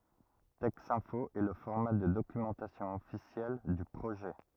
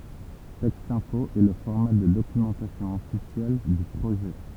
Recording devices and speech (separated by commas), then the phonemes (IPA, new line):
rigid in-ear microphone, temple vibration pickup, read sentence
tɛksɛ̃fo ɛ lə fɔʁma də dokymɑ̃tasjɔ̃ ɔfisjɛl dy pʁoʒɛ